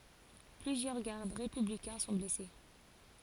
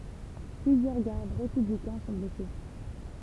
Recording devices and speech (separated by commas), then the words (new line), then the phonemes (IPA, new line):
forehead accelerometer, temple vibration pickup, read sentence
Plusieurs gardes républicains sont blessés.
plyzjœʁ ɡaʁd ʁepyblikɛ̃ sɔ̃ blɛse